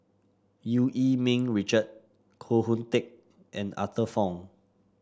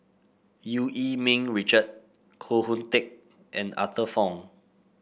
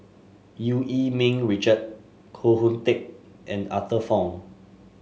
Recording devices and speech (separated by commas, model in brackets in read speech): standing microphone (AKG C214), boundary microphone (BM630), mobile phone (Samsung S8), read sentence